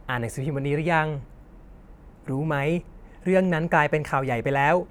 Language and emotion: Thai, neutral